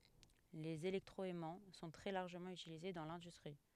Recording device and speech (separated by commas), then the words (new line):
headset microphone, read sentence
Les électroaimants sont très largement utilisés dans l’industrie.